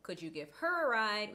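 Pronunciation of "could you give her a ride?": In 'could you give her a ride?', the h sound in 'her' is pronounced, not dropped. This is not how the sentence is normally said.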